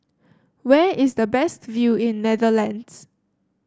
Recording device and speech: standing microphone (AKG C214), read sentence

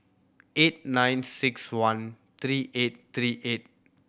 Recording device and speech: boundary microphone (BM630), read sentence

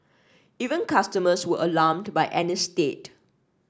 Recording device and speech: standing microphone (AKG C214), read sentence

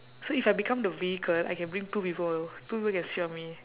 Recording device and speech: telephone, conversation in separate rooms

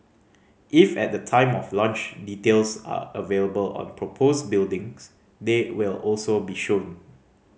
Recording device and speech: mobile phone (Samsung C5010), read sentence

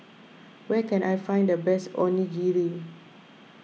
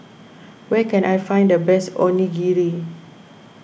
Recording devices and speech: mobile phone (iPhone 6), boundary microphone (BM630), read sentence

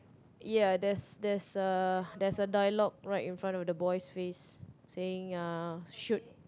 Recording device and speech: close-talking microphone, conversation in the same room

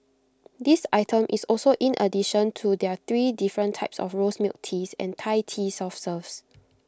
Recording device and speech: close-talking microphone (WH20), read sentence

